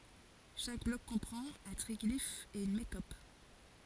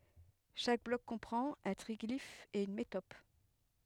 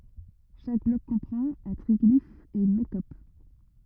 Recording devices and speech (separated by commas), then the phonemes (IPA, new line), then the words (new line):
forehead accelerometer, headset microphone, rigid in-ear microphone, read sentence
ʃak blɔk kɔ̃pʁɑ̃t œ̃ tʁiɡlif e yn metɔp
Chaque bloc comprend un triglyphe et une métope.